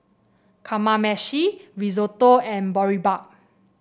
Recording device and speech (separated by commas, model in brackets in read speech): boundary microphone (BM630), read sentence